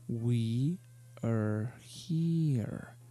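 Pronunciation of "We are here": The sentence is said slowly, with the voice stepping down like a staircase: it is highest on 'we' and goes down step by step to the lowest point at the end of 'here'.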